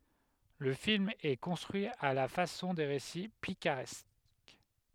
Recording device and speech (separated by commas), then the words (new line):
headset microphone, read sentence
Le film est construit à la façon des récits picaresques.